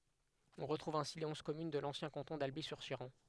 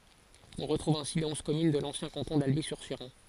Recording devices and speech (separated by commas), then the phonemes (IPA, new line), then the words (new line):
headset microphone, forehead accelerometer, read sentence
ɔ̃ ʁətʁuv ɛ̃si le ɔ̃z kɔmyn də lɑ̃sjɛ̃ kɑ̃tɔ̃ dalbi syʁ ʃeʁɑ̃
On retrouve ainsi les onze communes de l'ancien canton d'Alby-sur-Chéran.